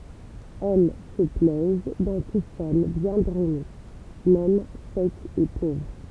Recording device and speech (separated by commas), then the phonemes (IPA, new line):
temple vibration pickup, read sentence
ɛl sə plɛz dɑ̃ tu sɔl bjɛ̃ dʁɛne mɛm sɛk e povʁ